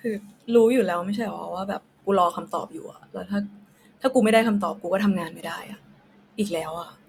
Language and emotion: Thai, frustrated